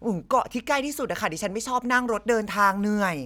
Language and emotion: Thai, frustrated